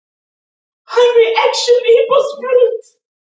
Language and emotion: English, happy